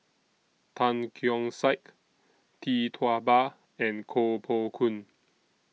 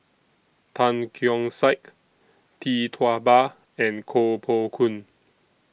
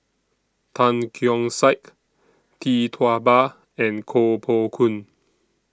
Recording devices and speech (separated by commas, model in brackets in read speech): mobile phone (iPhone 6), boundary microphone (BM630), standing microphone (AKG C214), read sentence